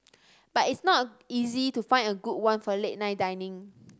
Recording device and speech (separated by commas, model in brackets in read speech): standing microphone (AKG C214), read sentence